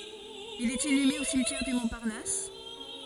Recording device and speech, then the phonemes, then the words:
forehead accelerometer, read sentence
il ɛt inyme o simtjɛʁ dy mɔ̃paʁnas
Il est inhumé au cimetière du Montparnasse.

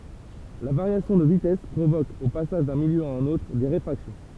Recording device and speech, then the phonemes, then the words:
temple vibration pickup, read sentence
la vaʁjasjɔ̃ də vitɛs pʁovok o pasaʒ dœ̃ miljø a œ̃n otʁ de ʁefʁaksjɔ̃
La variation de vitesse provoque, au passage d'un milieu à un autre, des réfractions.

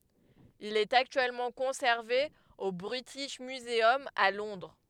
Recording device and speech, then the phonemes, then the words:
headset microphone, read sentence
il ɛt aktyɛlmɑ̃ kɔ̃sɛʁve o bʁitiʃ myzœm a lɔ̃dʁ
Il est actuellement conservé au British Museum, à Londres.

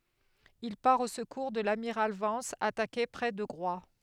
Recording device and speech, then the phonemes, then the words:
headset microphone, read sentence
il paʁ o səkuʁ də lamiʁal vɑ̃s atake pʁɛ də ɡʁwa
Il part au secours de l'amiral Vence, attaqué près de Groix.

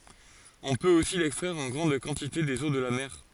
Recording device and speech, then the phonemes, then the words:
forehead accelerometer, read sentence
ɔ̃ pøt osi lɛkstʁɛʁ ɑ̃ ɡʁɑ̃d kɑ̃tite dez o də la mɛʁ
On peut aussi l'extraire en grande quantité des eaux de la mer.

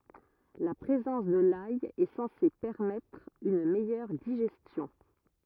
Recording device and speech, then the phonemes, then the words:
rigid in-ear microphone, read sentence
la pʁezɑ̃s də laj ɛ sɑ̃se pɛʁmɛtʁ yn mɛjœʁ diʒɛstjɔ̃
La présence de l'ail est censée permettre une meilleure digestion.

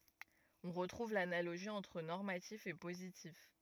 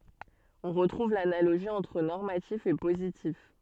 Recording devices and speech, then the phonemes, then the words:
rigid in-ear microphone, soft in-ear microphone, read sentence
ɔ̃ ʁətʁuv lanaloʒi ɑ̃tʁ nɔʁmatif e pozitif
On retrouve l'analogie entre normatif et positif.

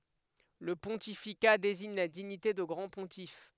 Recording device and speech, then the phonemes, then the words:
headset microphone, read sentence
lə pɔ̃tifika deziɲ la diɲite də ɡʁɑ̃ə pɔ̃tif
Le pontificat désigne la dignité de grand pontife.

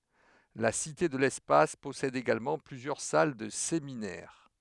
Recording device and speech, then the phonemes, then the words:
headset microphone, read sentence
la site də lɛspas pɔsɛd eɡalmɑ̃ plyzjœʁ sal də seminɛʁ
La Cité de l'espace possède également plusieurs salles de séminaire.

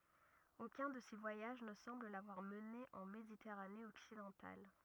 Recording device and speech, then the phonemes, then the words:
rigid in-ear microphone, read sentence
okœ̃ də se vwajaʒ nə sɑ̃bl lavwaʁ məne ɑ̃ meditɛʁane ɔksidɑ̃tal
Aucun de ces voyages ne semble l'avoir mené en Méditerranée occidentale.

